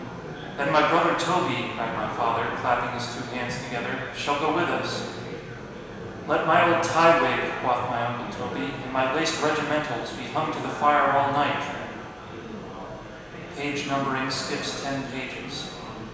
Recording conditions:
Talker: one person; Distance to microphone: 1.7 m; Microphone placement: close; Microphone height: 1.0 m; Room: very reverberant, large; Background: babble

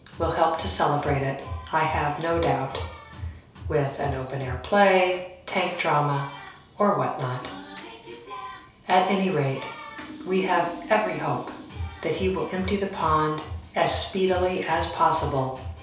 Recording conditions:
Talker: one person; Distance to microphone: 3.0 m; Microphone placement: far; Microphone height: 1.8 m; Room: small (3.7 m by 2.7 m); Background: music

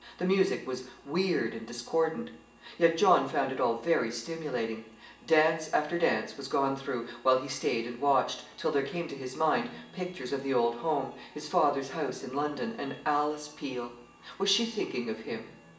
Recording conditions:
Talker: one person; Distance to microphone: 1.8 m; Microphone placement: close; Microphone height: 1.0 m; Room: large; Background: music

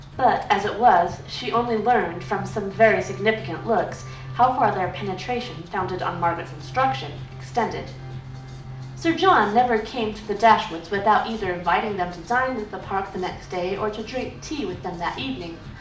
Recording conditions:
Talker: one person; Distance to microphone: 2.0 m; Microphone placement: close; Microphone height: 99 cm; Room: medium-sized (5.7 m by 4.0 m); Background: music

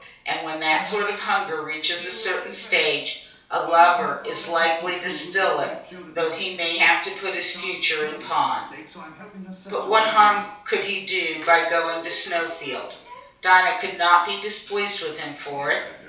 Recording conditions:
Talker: one person; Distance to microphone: 3.0 m; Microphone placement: far; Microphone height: 1.8 m; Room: small (3.7 m by 2.7 m); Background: television

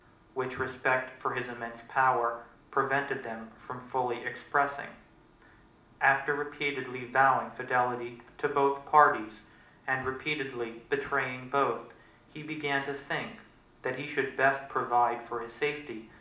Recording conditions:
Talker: one person; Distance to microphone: 2.0 m; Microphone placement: close; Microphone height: 99 cm; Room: medium-sized (5.7 m by 4.0 m); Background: none

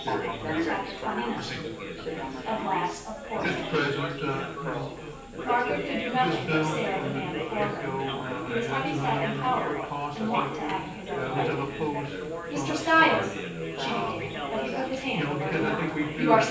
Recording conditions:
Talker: one person; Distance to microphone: 9.8 m; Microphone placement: far; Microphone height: 1.8 m; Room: large; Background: babble

